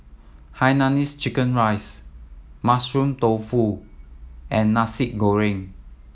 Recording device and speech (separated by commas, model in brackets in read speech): mobile phone (iPhone 7), read sentence